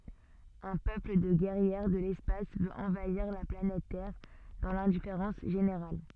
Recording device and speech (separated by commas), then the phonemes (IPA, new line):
soft in-ear microphone, read sentence
œ̃ pøpl də ɡɛʁjɛʁ də lɛspas vøt ɑ̃vaiʁ la planɛt tɛʁ dɑ̃ lɛ̃difeʁɑ̃s ʒeneʁal